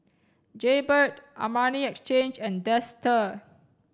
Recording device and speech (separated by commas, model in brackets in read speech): standing microphone (AKG C214), read sentence